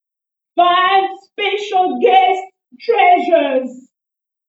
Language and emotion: English, sad